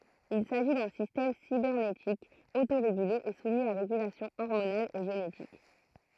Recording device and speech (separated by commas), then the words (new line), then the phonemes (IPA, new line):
throat microphone, read sentence
Il s'agit d'un système cybernétique autorégulé et soumis à régulation hormonale et génétique.
il saʒi dœ̃ sistɛm sibɛʁnetik otoʁeɡyle e sumi a ʁeɡylasjɔ̃ ɔʁmonal e ʒenetik